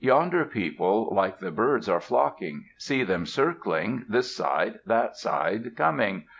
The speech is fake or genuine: genuine